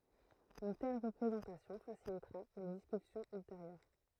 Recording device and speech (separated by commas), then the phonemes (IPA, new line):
throat microphone, read sentence
yn tɛl ʁəpʁezɑ̃tasjɔ̃ fasilitʁa le diskysjɔ̃z ylteʁjœʁ